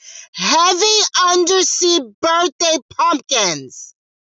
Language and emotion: English, disgusted